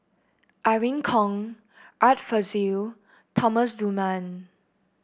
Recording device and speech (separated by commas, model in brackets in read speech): boundary microphone (BM630), read sentence